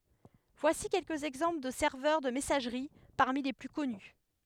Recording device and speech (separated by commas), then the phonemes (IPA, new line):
headset microphone, read sentence
vwasi kɛlkəz ɛɡzɑ̃pl də sɛʁvœʁ də mɛsaʒʁi paʁmi le ply kɔny